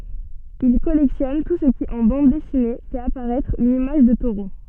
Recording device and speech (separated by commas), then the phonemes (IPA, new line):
soft in-ear microphone, read sentence
il kɔlɛktjɔn tu sə ki ɑ̃ bɑ̃d dɛsine fɛt apaʁɛtʁ yn imaʒ də toʁo